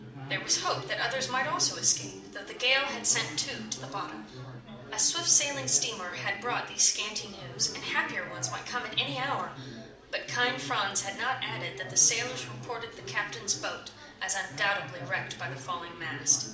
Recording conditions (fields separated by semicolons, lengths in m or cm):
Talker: one person; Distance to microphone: 2.0 m; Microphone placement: close; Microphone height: 99 cm; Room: medium-sized (5.7 m by 4.0 m); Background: babble